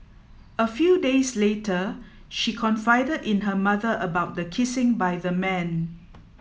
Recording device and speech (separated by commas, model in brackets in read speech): mobile phone (iPhone 7), read sentence